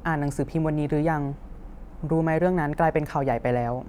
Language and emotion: Thai, neutral